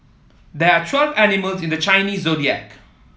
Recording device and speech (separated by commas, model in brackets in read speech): mobile phone (iPhone 7), read sentence